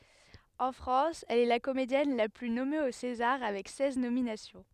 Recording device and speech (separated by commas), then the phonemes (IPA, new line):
headset microphone, read sentence
ɑ̃ fʁɑ̃s ɛl ɛ la komedjɛn la ply nɔme o sezaʁ avɛk sɛz nominasjɔ̃